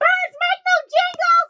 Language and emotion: English, neutral